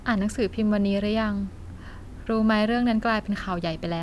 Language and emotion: Thai, neutral